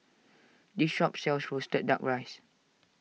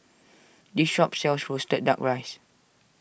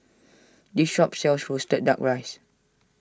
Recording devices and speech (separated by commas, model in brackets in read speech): mobile phone (iPhone 6), boundary microphone (BM630), standing microphone (AKG C214), read sentence